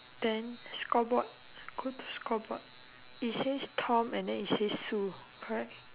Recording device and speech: telephone, conversation in separate rooms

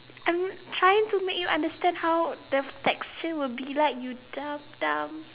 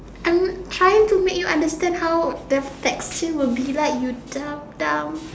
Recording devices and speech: telephone, standing microphone, conversation in separate rooms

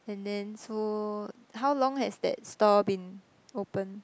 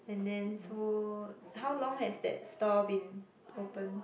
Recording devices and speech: close-talking microphone, boundary microphone, conversation in the same room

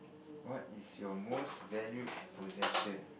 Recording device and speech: boundary microphone, conversation in the same room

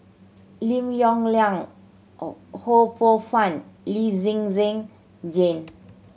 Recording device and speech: mobile phone (Samsung C7100), read sentence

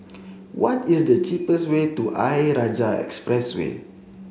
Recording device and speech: mobile phone (Samsung C7), read sentence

